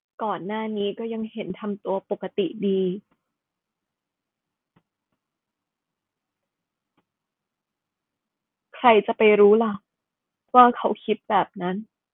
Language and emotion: Thai, sad